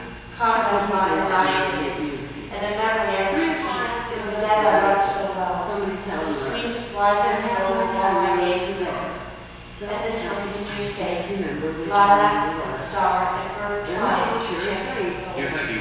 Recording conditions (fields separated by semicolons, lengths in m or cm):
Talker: one person; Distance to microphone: 7.1 m; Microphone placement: far; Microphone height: 1.7 m; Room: very reverberant, large; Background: television